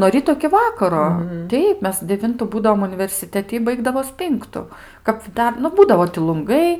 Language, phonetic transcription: Lithuanian, nuo ˈryto iki ˈvakaro ˈteip ˈmes deˈvintu ˈbūdavom universiˈteti i ˈbaigdavos ˈpinktu kap ˈdar nu ˈbūdavo ti lunˈgai

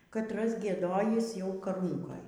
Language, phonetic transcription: Lithuanian, katˈras gieˈdojįs jau kaˈrūnkoj

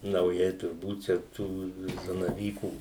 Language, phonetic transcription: Lithuanian, nauˈjai turˈbūt čia ˈtų zanaˈvykų

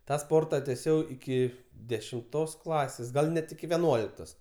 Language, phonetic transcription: Lithuanian, ˈtą ˈsporta teˈsiau iˈki dešimˈtos ˈklasės ˈgal ˈnet iki veˈnuoliktos

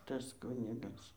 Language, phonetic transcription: Lithuanian, ˈtas ˈkunigas

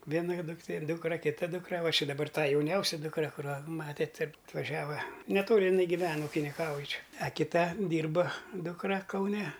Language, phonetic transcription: Lithuanian, ˈviena dukˈtė ˈdūkra kiˈta ˈdūkra ˈva ši daˈbar ˈtą jauˈniausia dukˈra kuˈrą ˈmatėt ir atvaˈžiava neˈtoli iˈnai giˈven ukiniˈkauj ˈčia a kiˈta ˈdyrba ˈdūkra kauˈne

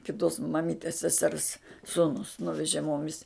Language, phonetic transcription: Lithuanian, kiˈtos maˈmytės seˈsers ˈsūnus ˈnuvežė ˈmomis

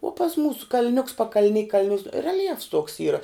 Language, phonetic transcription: Lithuanian, uo pas ˈmūsu kal'ˈniuks pakal'ˈni kal'ˈniu relˈjefs tuoks ˈyra

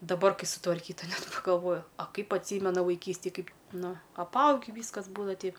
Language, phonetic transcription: Lithuanian, daˈbar ˈkai sutvarˈkyta ˈnet pagalˈvoju a ˈkaip atˈsymena vaiˈkystėj ˈkaip ˈnu apˈaugi ˈvyskas ˈbūdava tei

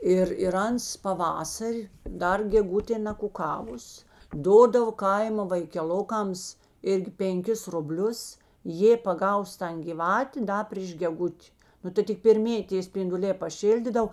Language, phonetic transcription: Lithuanian, ˈir ir ˈans paˈvasar' ˈdar geˈgutė nakuˈkavus ˈdodavo ˈkaimo vaikeˈlokams ˈirgi penˈkis ruˈblius ˈjė paˈgaus ˈtan giˈvatė ˈda pryš geˈgut' ˈnu tai tik perˈmėji tė spinduˈlė paˈšildydav

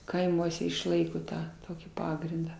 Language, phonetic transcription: Lithuanian, kaiˈmuose išˈlaiko ˈtą ˈtokį ˈpagrindą

